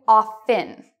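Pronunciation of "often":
'Often' is said with a silent t.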